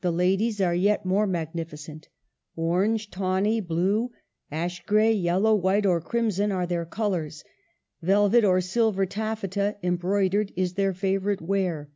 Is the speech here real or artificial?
real